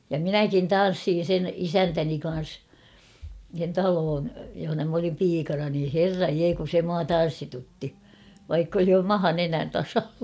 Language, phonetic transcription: Finnish, ja "minäkin "tan̬ssiin̬ sen "isäntäni kan̬s , sen 'taloon , johona m ‿olim 'piikana nii "herraj 'jee kun̬ 'se mua "tan̬ssitutti , vaikk ‿oli "maha 'nenän tasalla !
- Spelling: ja minäkin tanssin sen isäntäni kanssa sen talon jossa minä olin piikana niin herran jee kun se minua tanssitutti vaikka oli maha nenän tasalla

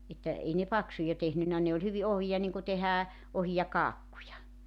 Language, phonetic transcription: Finnish, että , 'ei ne "paksuja 'tehnynnä ne oĺ 'hyvi 'ohija niŋku 'tehää , 'ohija "kaakkuja .
- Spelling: että ei ne paksuja tehnyt ne oli hyvin ohuita niin kuin tehdään ohuita kakkuja

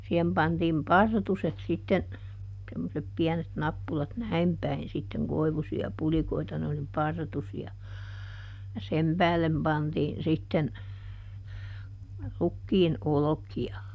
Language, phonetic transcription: Finnish, sihem ˈpantiim "partuset sitten , semmosep ˈpiɛnet ˈnappulat "näim päin sitteŋ ˈkoivusi₍a ˈpulikoita ne oli "partusi₍a , ja ˈsem päällem pantiin sitten , ˈrukkiin , ˈoloki₍a .
- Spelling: siihen pantiin partuset sitten semmoiset pienet nappulat näin päin sitten koivuisia pulikoita ne oli partusia ja sen päälle pantiin sitten rukiin olkia

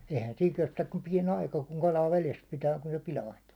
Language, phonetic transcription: Finnish, eihän 'siiŋ 'kestäk kum 'piɛn ‿aika kuŋ kalaa 'veles pitää kun se 'pilaintᴜᴜ .
- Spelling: eihän siinä kestä kuin pieni aika kun kalaa vedessä pitää kun se pilaantuu

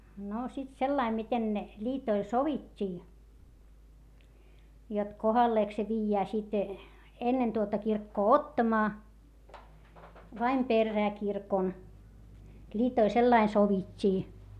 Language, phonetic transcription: Finnish, no sit sellaim miten ne , ĺiitoil sovit́t́ii , jot kohalleek se viijjää sit , ennen tuota kirkkoo ottamaa , vaim perrää kirkon , ĺiitoil sellain sovit́t́ii .
- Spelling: no sitten sillä lailla miten ne liitoille sovittiin jotta kohdalleenko se viedään sitten ennen tuota kirkkoa ottamaan vai perään kirkon liitoille sillä lailla sovittiin

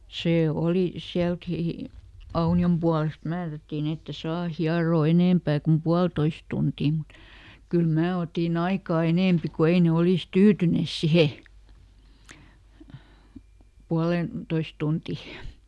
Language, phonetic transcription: Finnish, ˈsee ˈoli , ˈsiälkì , "Auni₍om pualest ˈmäärättiin ‿ette "saa ˈhiaroo ˈenèmpää kum "pualtois tuntii mut , kyl ˈmää otiˈn ‿aikaa ˈenèmpi ku ˈei ne "olìs ˈtyytynès "sihe , ˈpualentois ˈtunti .
- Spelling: se oli sielläkin Aunion puolesta määrättiin että ei saa hieroa enempää kuin puolitoista tuntia mutta kyllä minä otin aikaa enempi kun ei ne olisi tyytyneet siihen puoleentoista tuntiin

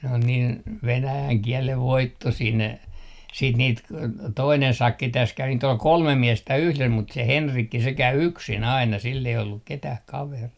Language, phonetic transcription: Finnish, n ‿on niin , 'venäjäŋ 'kiɛlev "voittosii ne , siit niit k- , 'toinen 'sakki täs kävi niit ‿ol "kolme 'miestä "yhles mut se "Henrikki se 'käy "yksin 'aina sill ‿ei olluk "ketäh 'kaverii .
- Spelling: ne on niin venäjän kielen voittoisia ne sitten niitä - toinen sakki tässä kävi niitä oli kolme miestä yhdessä mutta se Henrikki se kävi yksin aina sillä ei ollut ketään kaveria

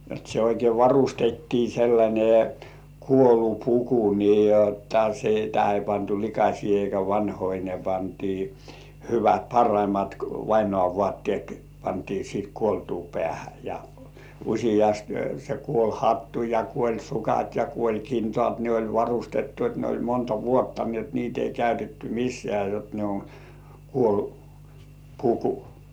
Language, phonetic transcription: Finnish, jot se oikei "varustettii sellańe , 'kuolupuku nii jotta sitä ei pantu likaśii eikä vanhoi ne pantii , 'hyvät "parraimat vainŏàv 'vŏàttĭèt pantii siit kuoltuu 'pĕä̀hä ja , 'uśijast se 'kuoĺ"hattu ja 'kuoĺ"sukat ja 'kuoĺ"kintŏàt ne oĺ 'varustettu et ne oĺ 'monta "vuotta ni et niit ‿ei 'käytetty 'mis̆sĕ§ä̀ jot ne on , "kuolu- , -"puku .
- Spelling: jotta se oikein varustettiin sellainen kuolinpuku niin jotta sitä ei pantu likaisia eikä vanhoja ne pantiin hyvät parhaimmat vainajan vaatteet pantiin sitten kuoltua päähän ja useasti se kuolinhattu ja kuolinsukat ja kuolinkintaat ne oli varustettu että ne oli monta vuotta niin että niitä ei käytetty missään jotta ne on - kuolinpuku

